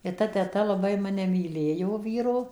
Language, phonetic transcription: Lithuanian, i ˈta teˈta laˈbai maˈne myˈlėjo ˈvyro

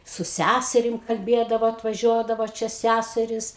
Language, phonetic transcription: Lithuanian, su ˈsæserim kalˈbėdavo atvaˈžiuodavo ˈčia ˈsæserys

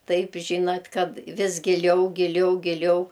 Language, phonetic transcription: Lithuanian, ˈtaip ˈžynat ˈkad ˈvis giˈliau giˈliau giˈliau

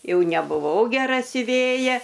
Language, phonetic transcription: Lithuanian, ˈjau nebuˈvau geˈra siuˈvėja

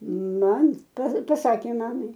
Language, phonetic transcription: Lithuanian, ˈmam pa paˈsakė ˈmamai

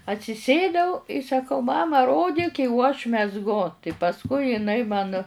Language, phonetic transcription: Lithuanian, atsiˈsėdau i saˈkau ˈmama ˈrodik i o aš mezˈgu tai pasˈkui jiˈnai man

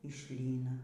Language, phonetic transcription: Lithuanian, i ˈšlyna

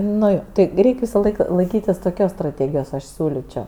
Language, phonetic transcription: Lithuanian, ˈnu jo ˈti ˈreik' ˈvisaˌlaik laiˈkytis toˈkios straˈtėgijos ˈaš ˈsiūličio

